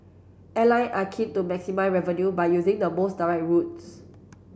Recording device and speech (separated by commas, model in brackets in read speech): boundary microphone (BM630), read sentence